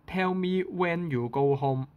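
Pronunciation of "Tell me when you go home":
In this Hong Kong English saying of 'Tell me when you go home', 'when' is said in a high tone.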